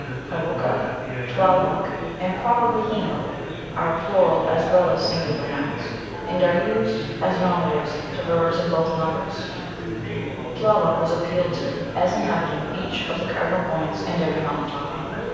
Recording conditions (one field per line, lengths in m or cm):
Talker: one person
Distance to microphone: 7.1 m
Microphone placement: far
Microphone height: 1.7 m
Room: very reverberant, large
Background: babble